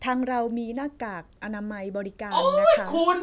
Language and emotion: Thai, neutral